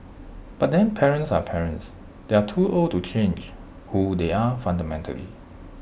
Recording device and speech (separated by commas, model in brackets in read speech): boundary microphone (BM630), read sentence